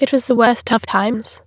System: TTS, waveform concatenation